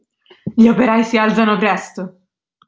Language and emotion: Italian, angry